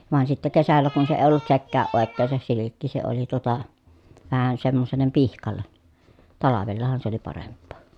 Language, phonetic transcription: Finnish, vàen sitte kesällä kun se èi̮ ollut sekkääʼ ʼòekkeen̬ se silikki se oli tuota , vähän semmosellem pihkallen , talavellahan se ‿oli paremppoo .
- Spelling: vain sitten kesällä kun se ei ollut sekään oikein se silkki se oli tuota vähän semmoiselle pihkalle talvellahan se oli parempaa

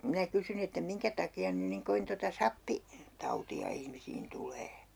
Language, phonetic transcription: Finnish, minä 'kysyn ‿että » 'miŋkä taki₍an 'nyn niŋ 'kovin tota "sappi- , '-tauti₍a ihmisiin 'tulee » .
- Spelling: minä kysyin että minkä takia nyt niin kovin tuota - sappitautia ihmisiin tulee

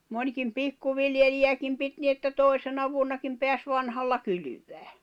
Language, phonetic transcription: Finnish, mońkim 'pikkuviljeliʲäkim 'pit ni että "tòisena vuonnakim peäs 'vanhalla 'kylyvää .
- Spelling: monikin pikkuviljelijäkin piti niin että toisena vuonnakin pääsi vanhalla kylvämään

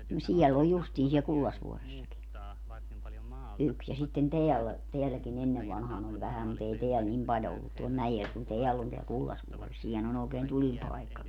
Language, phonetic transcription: Finnish, no 'siɛl ‿oj 'justii siɛl "Kullasvuoressaki , 'yks ja sitten "teällä , 'teälläki'n ‿ennev vanhaan ‿oĺ 'vähäm mu't ‿ei 'teäl "nim 'paljo ollut tuol 'mäjel kun "teäll ‿on teäl "Kullasvuores - 'siinhän ‿on ookeen "tulipaekkaki .
- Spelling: no siellä on justiin siellä Kullasvuoressakin yksi ja sitten täällä täälläkin ennen vanhaan oli vähän mutta ei täällä niin paljon ollut tuolla mäellä kun täällä on täällä Kullasvuoressa siinähän on oikein tulipaikkakin

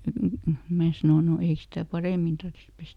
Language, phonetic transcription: Finnish, ˈmää sanò » no ˈei stä "parèmin ˈtarttⁱs ˈpestä ? » .
- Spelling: minä sanoin no ei sitä paremmin tarvitsisi pestä

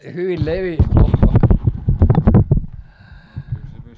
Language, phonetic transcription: Finnish, ohhoh ,.
- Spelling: ohhoh

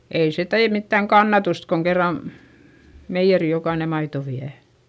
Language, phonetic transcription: Finnish, ei se tee mittäŋ kannatust koŋ kerran , meijjeri jokaine maito viä .
- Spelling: ei se tee mitään kannatusta kun kerran meijeriin jokainen maitoa vie

